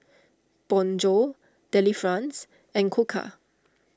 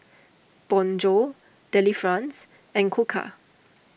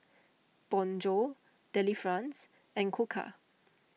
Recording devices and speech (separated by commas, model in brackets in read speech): standing microphone (AKG C214), boundary microphone (BM630), mobile phone (iPhone 6), read sentence